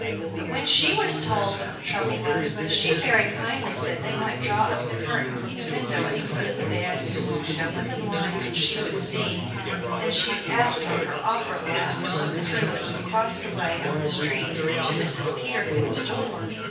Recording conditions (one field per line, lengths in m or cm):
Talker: one person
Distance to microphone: 9.8 m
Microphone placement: far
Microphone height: 1.8 m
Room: large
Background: babble